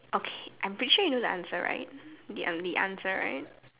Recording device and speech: telephone, conversation in separate rooms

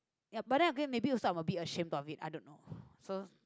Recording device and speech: close-talking microphone, conversation in the same room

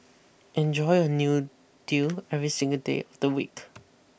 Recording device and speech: boundary microphone (BM630), read sentence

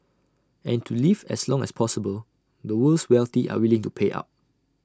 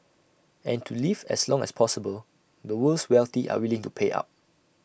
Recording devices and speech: standing microphone (AKG C214), boundary microphone (BM630), read sentence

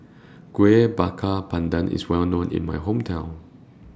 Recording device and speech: standing microphone (AKG C214), read sentence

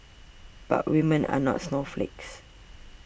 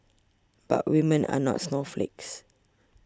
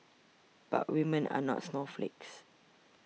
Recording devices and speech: boundary microphone (BM630), standing microphone (AKG C214), mobile phone (iPhone 6), read sentence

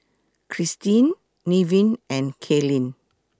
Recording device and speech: close-talking microphone (WH20), read sentence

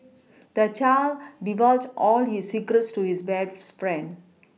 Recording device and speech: mobile phone (iPhone 6), read sentence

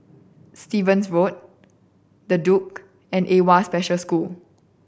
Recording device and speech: boundary microphone (BM630), read sentence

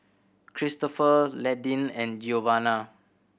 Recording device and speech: boundary microphone (BM630), read sentence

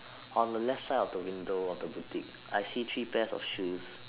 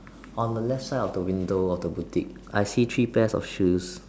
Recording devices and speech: telephone, standing microphone, conversation in separate rooms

